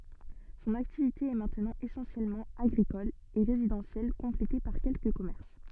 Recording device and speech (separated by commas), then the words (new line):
soft in-ear microphone, read sentence
Son activité est maintenant essentiellement agricole et résidentielle complétée par quelques commerces.